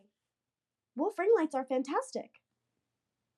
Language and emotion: English, happy